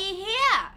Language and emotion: Thai, angry